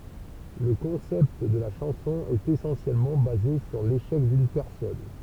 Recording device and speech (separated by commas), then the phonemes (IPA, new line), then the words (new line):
temple vibration pickup, read sentence
lə kɔ̃sɛpt də la ʃɑ̃sɔ̃ ɛt esɑ̃sjɛlmɑ̃ baze syʁ leʃɛk dyn pɛʁsɔn
Le concept de la chanson est essentiellement basé sur l'échec d'une personne.